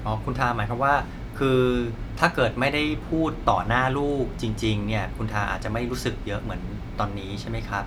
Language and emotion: Thai, neutral